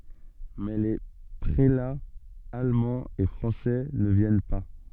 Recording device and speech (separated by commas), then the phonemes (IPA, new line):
soft in-ear microphone, read sentence
mɛ le pʁelaz almɑ̃z e fʁɑ̃sɛ nə vjɛn pa